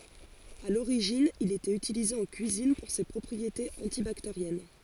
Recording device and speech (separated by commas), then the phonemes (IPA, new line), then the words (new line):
forehead accelerometer, read sentence
a loʁiʒin il etɛt ytilize ɑ̃ kyizin puʁ se pʁɔpʁietez ɑ̃tibakteʁjɛn
À l'origine, il était utilisé en cuisine pour ses propriétés antibactériennes.